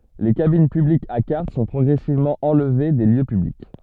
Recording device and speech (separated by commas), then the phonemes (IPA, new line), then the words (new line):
soft in-ear microphone, read sentence
le kabin pyblikz a kaʁt sɔ̃ pʁɔɡʁɛsivmɑ̃ ɑ̃lve de ljø pyblik
Les cabines publiques à carte sont progressivement enlevées des lieux publics.